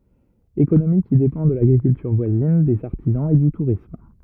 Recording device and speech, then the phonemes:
rigid in-ear microphone, read sentence
ekonomi ki depɑ̃ də laɡʁikyltyʁ vwazin dez aʁtizɑ̃z e dy tuʁism

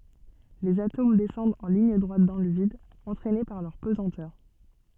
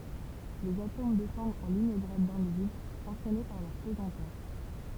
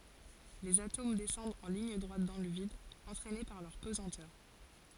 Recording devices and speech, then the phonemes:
soft in-ear microphone, temple vibration pickup, forehead accelerometer, read sentence
lez atom dɛsɑ̃dt ɑ̃ liɲ dʁwat dɑ̃ lə vid ɑ̃tʁɛne paʁ lœʁ pəzɑ̃tœʁ

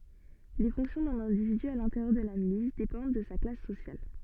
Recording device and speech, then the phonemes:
soft in-ear microphone, read sentence
le fɔ̃ksjɔ̃ dœ̃n ɛ̃dividy a lɛ̃teʁjœʁ də la milis depɑ̃d də sa klas sosjal

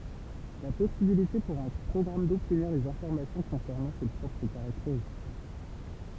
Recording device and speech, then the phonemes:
temple vibration pickup, read sentence
la pɔsibilite puʁ œ̃ pʁɔɡʁam dɔbtniʁ dez ɛ̃fɔʁmasjɔ̃ kɔ̃sɛʁnɑ̃ se pʁɔpʁ kaʁakteʁistik

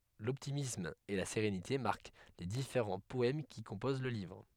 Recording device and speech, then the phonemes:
headset microphone, read sentence
lɔptimism e la seʁenite maʁk le difeʁɑ̃ pɔɛm ki kɔ̃poz lə livʁ

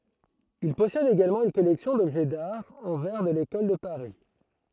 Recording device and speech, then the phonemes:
throat microphone, read sentence
il pɔsɛd eɡalmɑ̃ yn kɔlɛksjɔ̃ dɔbʒɛ daʁ ɑ̃ vɛʁ də lekɔl də paʁi

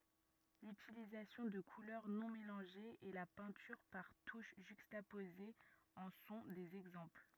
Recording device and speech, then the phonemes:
rigid in-ear microphone, read sentence
lytilizasjɔ̃ də kulœʁ nɔ̃ melɑ̃ʒez e la pɛ̃tyʁ paʁ tuʃ ʒykstapozez ɑ̃ sɔ̃ dez ɛɡzɑ̃pl

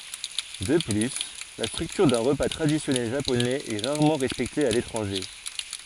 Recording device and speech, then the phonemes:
forehead accelerometer, read sentence
də ply la stʁyktyʁ dœ̃ ʁəpa tʁadisjɔnɛl ʒaponɛz ɛ ʁaʁmɑ̃ ʁɛspɛkte a letʁɑ̃ʒe

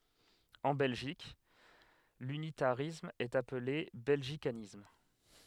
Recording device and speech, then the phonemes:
headset microphone, read sentence
ɑ̃ bɛlʒik lynitaʁism ɛt aple bɛlʒikanism

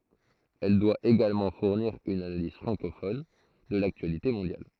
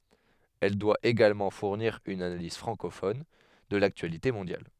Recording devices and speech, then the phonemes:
throat microphone, headset microphone, read sentence
ɛl dwa eɡalmɑ̃ fuʁniʁ yn analiz fʁɑ̃kofɔn də laktyalite mɔ̃djal

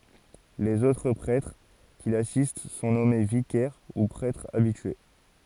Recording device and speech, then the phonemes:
forehead accelerometer, read sentence
lez otʁ pʁɛtʁ ki lasist sɔ̃ nɔme vikɛʁ u pʁɛtʁz abitye

